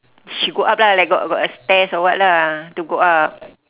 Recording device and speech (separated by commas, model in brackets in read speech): telephone, conversation in separate rooms